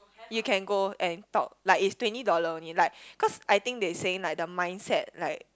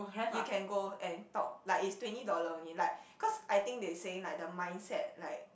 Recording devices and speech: close-talking microphone, boundary microphone, conversation in the same room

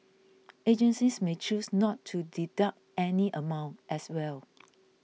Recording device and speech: mobile phone (iPhone 6), read sentence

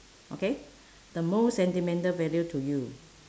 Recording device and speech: standing microphone, conversation in separate rooms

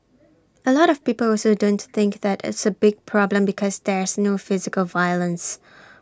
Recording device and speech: standing microphone (AKG C214), read sentence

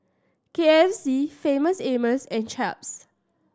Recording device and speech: standing microphone (AKG C214), read sentence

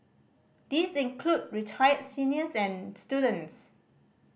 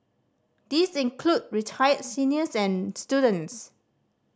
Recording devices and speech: boundary microphone (BM630), standing microphone (AKG C214), read sentence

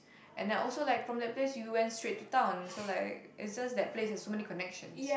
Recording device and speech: boundary microphone, conversation in the same room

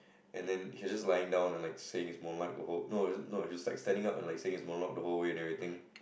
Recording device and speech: boundary microphone, conversation in the same room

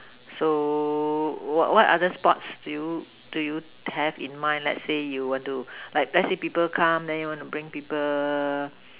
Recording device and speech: telephone, conversation in separate rooms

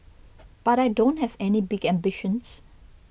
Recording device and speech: boundary microphone (BM630), read sentence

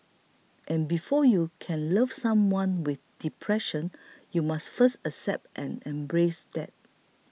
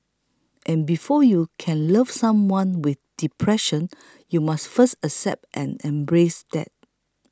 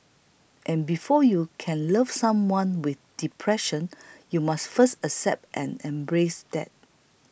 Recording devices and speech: mobile phone (iPhone 6), close-talking microphone (WH20), boundary microphone (BM630), read sentence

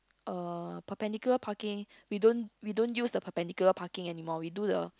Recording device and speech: close-talking microphone, conversation in the same room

